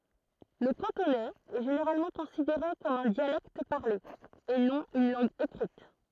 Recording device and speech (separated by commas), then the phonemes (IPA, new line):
throat microphone, read sentence
lə kɑ̃tonɛz ɛ ʒeneʁalmɑ̃ kɔ̃sideʁe kɔm œ̃ djalɛkt paʁle e nɔ̃ yn lɑ̃ɡ ekʁit